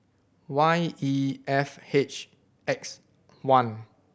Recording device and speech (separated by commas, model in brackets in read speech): boundary microphone (BM630), read sentence